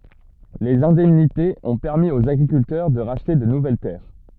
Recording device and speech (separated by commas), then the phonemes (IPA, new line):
soft in-ear microphone, read sentence
lez ɛ̃dɛmnitez ɔ̃ pɛʁmi oz aɡʁikyltœʁ də ʁaʃte də nuvɛl tɛʁ